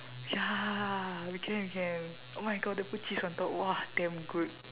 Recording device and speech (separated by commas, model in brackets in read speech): telephone, conversation in separate rooms